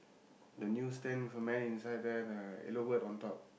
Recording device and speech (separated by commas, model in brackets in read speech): boundary microphone, conversation in the same room